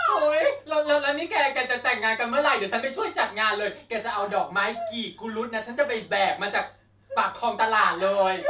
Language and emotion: Thai, happy